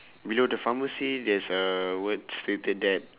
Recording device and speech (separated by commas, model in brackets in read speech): telephone, conversation in separate rooms